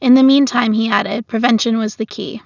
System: none